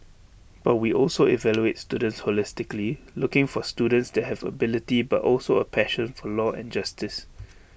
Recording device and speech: boundary microphone (BM630), read sentence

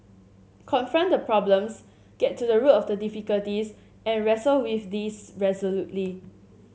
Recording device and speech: mobile phone (Samsung C7), read sentence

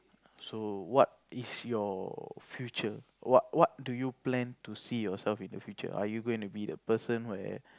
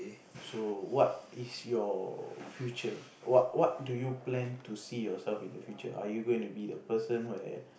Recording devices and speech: close-talking microphone, boundary microphone, conversation in the same room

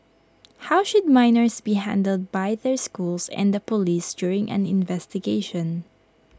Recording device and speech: close-talking microphone (WH20), read sentence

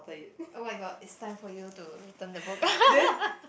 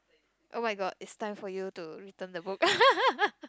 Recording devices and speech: boundary microphone, close-talking microphone, conversation in the same room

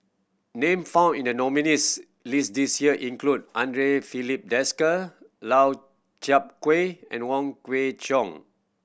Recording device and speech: boundary microphone (BM630), read sentence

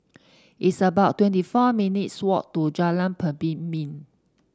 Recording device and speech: standing microphone (AKG C214), read sentence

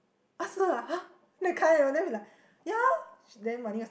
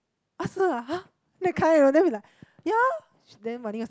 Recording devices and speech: boundary microphone, close-talking microphone, conversation in the same room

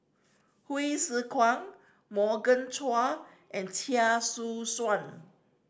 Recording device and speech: standing microphone (AKG C214), read sentence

